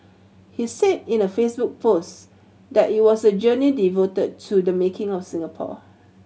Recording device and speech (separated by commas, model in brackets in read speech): mobile phone (Samsung C7100), read sentence